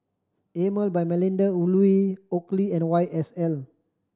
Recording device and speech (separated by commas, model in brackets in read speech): standing microphone (AKG C214), read sentence